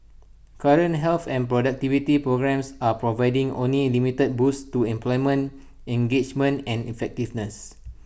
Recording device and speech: boundary microphone (BM630), read sentence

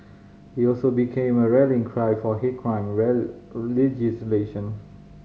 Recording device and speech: mobile phone (Samsung C5010), read sentence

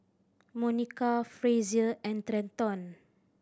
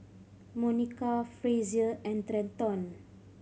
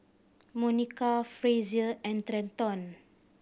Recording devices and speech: standing microphone (AKG C214), mobile phone (Samsung C5010), boundary microphone (BM630), read sentence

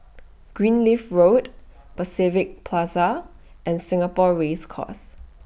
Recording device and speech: boundary microphone (BM630), read sentence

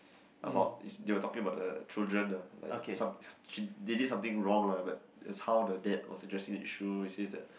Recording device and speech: boundary microphone, conversation in the same room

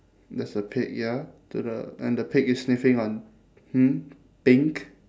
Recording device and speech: standing microphone, conversation in separate rooms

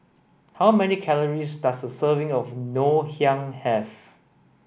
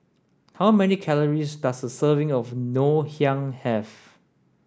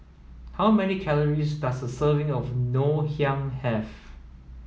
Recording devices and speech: boundary microphone (BM630), standing microphone (AKG C214), mobile phone (iPhone 7), read sentence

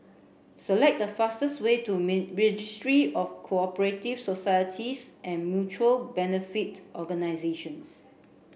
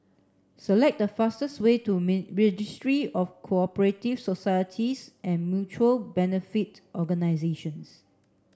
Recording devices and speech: boundary microphone (BM630), standing microphone (AKG C214), read sentence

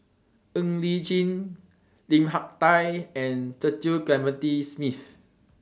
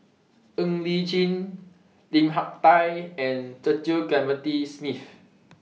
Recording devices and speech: standing microphone (AKG C214), mobile phone (iPhone 6), read sentence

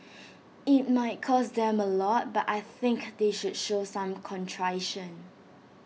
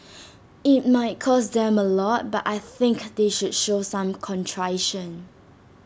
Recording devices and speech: mobile phone (iPhone 6), standing microphone (AKG C214), read sentence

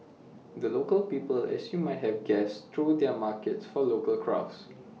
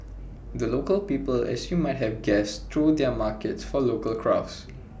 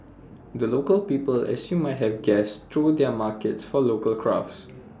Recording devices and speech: mobile phone (iPhone 6), boundary microphone (BM630), standing microphone (AKG C214), read sentence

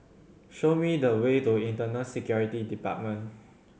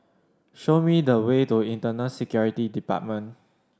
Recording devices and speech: mobile phone (Samsung C7100), standing microphone (AKG C214), read sentence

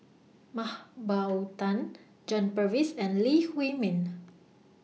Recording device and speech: mobile phone (iPhone 6), read sentence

